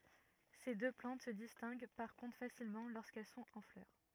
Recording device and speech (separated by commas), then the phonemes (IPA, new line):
rigid in-ear microphone, read sentence
se dø plɑ̃t sə distɛ̃ɡ paʁ kɔ̃tʁ fasilmɑ̃ loʁskɛl sɔ̃t ɑ̃ flœʁ